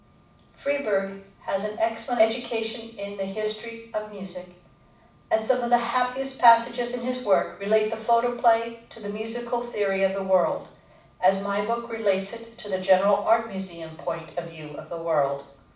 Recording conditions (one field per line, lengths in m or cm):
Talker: one person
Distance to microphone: 5.8 m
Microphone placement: far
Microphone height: 1.8 m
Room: medium-sized (5.7 m by 4.0 m)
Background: none